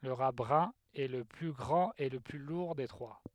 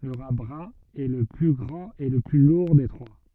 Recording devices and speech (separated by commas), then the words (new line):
headset microphone, soft in-ear microphone, read sentence
Le rat brun est le plus grand et le plus lourd des trois.